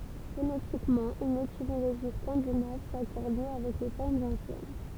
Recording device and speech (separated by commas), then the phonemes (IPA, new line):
temple vibration pickup, read sentence
fonetikmɑ̃ yn etimoloʒi skɑ̃dinav sakɔʁd mjø avɛk le fɔʁmz ɑ̃sjɛn